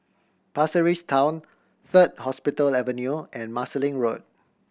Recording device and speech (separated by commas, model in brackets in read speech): boundary microphone (BM630), read sentence